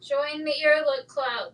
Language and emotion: English, neutral